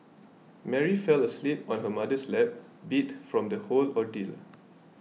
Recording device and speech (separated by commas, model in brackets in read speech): mobile phone (iPhone 6), read sentence